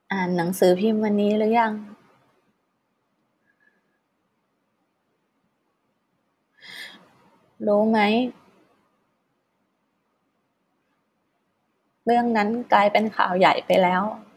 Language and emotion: Thai, frustrated